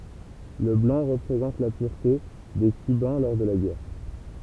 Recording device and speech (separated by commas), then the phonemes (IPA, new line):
temple vibration pickup, read sentence
lə blɑ̃ ʁəpʁezɑ̃t la pyʁte de kybɛ̃ lɔʁ də la ɡɛʁ